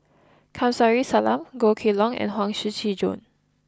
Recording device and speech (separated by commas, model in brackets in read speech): close-talking microphone (WH20), read sentence